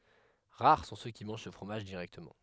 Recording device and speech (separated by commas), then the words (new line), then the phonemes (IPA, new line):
headset microphone, read sentence
Rares sont ceux qui mangent ce fromage directement.
ʁaʁ sɔ̃ sø ki mɑ̃ʒ sə fʁomaʒ diʁɛktəmɑ̃